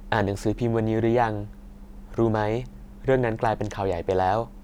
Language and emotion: Thai, neutral